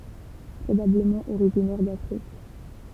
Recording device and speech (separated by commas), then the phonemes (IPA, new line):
temple vibration pickup, read sentence
pʁobabləmɑ̃ oʁiʒinɛʁ dafʁik